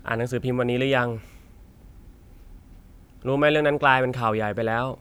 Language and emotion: Thai, frustrated